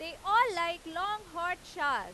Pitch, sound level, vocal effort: 360 Hz, 101 dB SPL, very loud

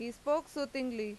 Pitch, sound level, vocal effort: 265 Hz, 91 dB SPL, loud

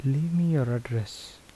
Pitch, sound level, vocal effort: 135 Hz, 76 dB SPL, soft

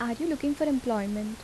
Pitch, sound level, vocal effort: 240 Hz, 78 dB SPL, soft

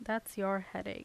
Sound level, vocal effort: 81 dB SPL, normal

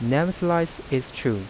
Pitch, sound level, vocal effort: 135 Hz, 84 dB SPL, soft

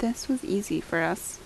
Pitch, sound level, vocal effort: 230 Hz, 73 dB SPL, soft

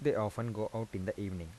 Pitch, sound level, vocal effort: 110 Hz, 83 dB SPL, soft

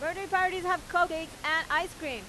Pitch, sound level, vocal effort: 325 Hz, 97 dB SPL, very loud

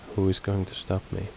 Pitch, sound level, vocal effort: 95 Hz, 73 dB SPL, soft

